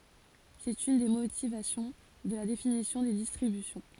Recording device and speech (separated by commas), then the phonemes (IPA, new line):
forehead accelerometer, read sentence
sɛt yn de motivasjɔ̃ də la definisjɔ̃ de distʁibysjɔ̃